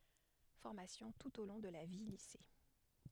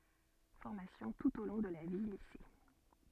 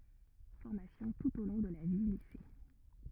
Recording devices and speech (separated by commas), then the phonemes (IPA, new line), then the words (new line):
headset microphone, soft in-ear microphone, rigid in-ear microphone, read sentence
fɔʁmasjɔ̃ tut o lɔ̃ də la vjəlise
Formations tout au long de la vie-Lycées.